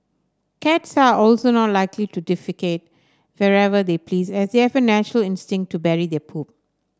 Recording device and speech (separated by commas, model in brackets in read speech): standing microphone (AKG C214), read sentence